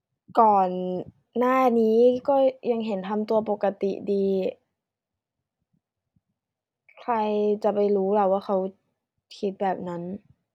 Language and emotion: Thai, frustrated